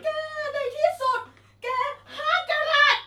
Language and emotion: Thai, happy